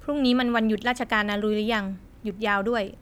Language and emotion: Thai, neutral